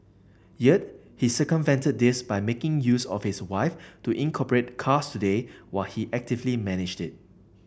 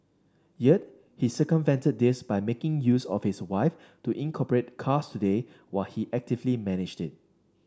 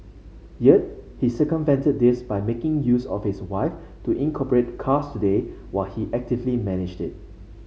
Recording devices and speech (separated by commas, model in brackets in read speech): boundary microphone (BM630), standing microphone (AKG C214), mobile phone (Samsung C5), read sentence